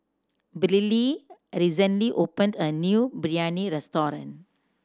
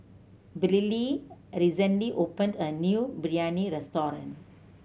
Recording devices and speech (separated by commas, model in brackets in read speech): standing microphone (AKG C214), mobile phone (Samsung C7100), read sentence